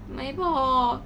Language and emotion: Thai, sad